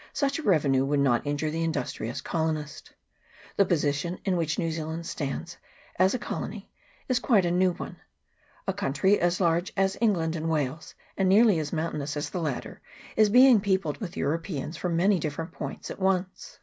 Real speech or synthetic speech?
real